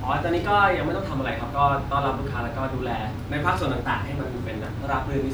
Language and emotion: Thai, neutral